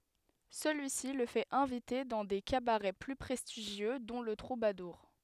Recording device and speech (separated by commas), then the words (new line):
headset microphone, read sentence
Celui-ci le fait inviter dans des cabarets plus prestigieux, dont le Troubadour.